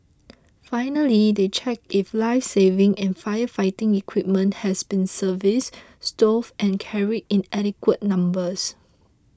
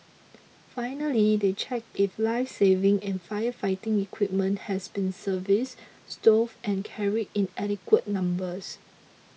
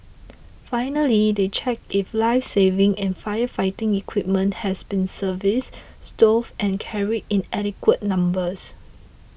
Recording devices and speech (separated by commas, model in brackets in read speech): close-talking microphone (WH20), mobile phone (iPhone 6), boundary microphone (BM630), read sentence